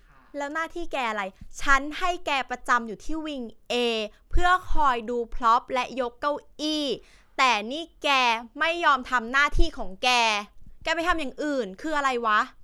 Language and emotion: Thai, frustrated